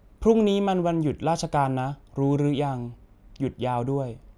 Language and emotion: Thai, neutral